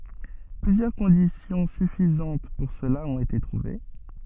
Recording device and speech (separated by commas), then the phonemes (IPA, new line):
soft in-ear microphone, read sentence
plyzjœʁ kɔ̃disjɔ̃ syfizɑ̃t puʁ səla ɔ̃t ete tʁuve